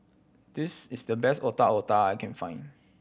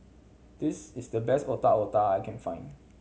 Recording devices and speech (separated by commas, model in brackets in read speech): boundary microphone (BM630), mobile phone (Samsung C7100), read sentence